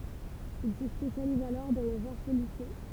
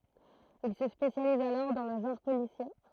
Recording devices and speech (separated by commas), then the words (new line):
temple vibration pickup, throat microphone, read sentence
Il se spécialise alors dans le genre policier.